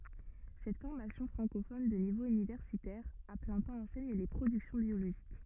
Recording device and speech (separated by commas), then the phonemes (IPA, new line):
rigid in-ear microphone, read sentence
sɛt fɔʁmasjɔ̃ fʁɑ̃kofɔn də nivo ynivɛʁsitɛʁ a plɛ̃ tɑ̃ ɑ̃sɛɲ le pʁodyksjɔ̃ bjoloʒik